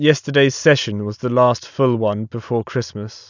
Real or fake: real